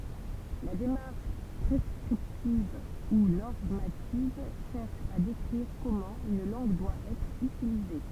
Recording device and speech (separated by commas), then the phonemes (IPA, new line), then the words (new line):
temple vibration pickup, read sentence
la demaʁʃ pʁɛskʁiptiv u nɔʁmativ ʃɛʁʃ a dekʁiʁ kɔmɑ̃ yn lɑ̃ɡ dwa ɛtʁ ytilize
La démarche prescriptive ou normative cherche à décrire comment une langue doit être utilisée.